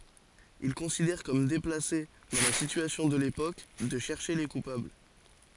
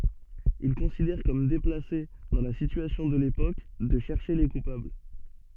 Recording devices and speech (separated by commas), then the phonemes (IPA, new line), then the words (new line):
forehead accelerometer, soft in-ear microphone, read sentence
il kɔ̃sidɛʁ kɔm deplase dɑ̃ la sityasjɔ̃ də lepok də ʃɛʁʃe le kupabl
Il considère comme déplacé, dans la situation de l’époque, de chercher les coupables.